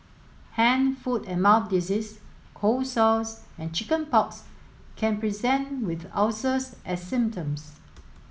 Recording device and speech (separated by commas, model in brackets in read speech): mobile phone (Samsung S8), read sentence